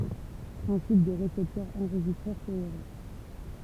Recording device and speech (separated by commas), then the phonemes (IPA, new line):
temple vibration pickup, read sentence
pʁɛ̃sip dy ʁesɛptœʁ ɑ̃ʁʒistʁœʁ koeʁœʁ